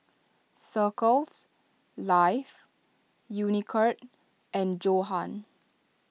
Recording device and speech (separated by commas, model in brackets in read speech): mobile phone (iPhone 6), read sentence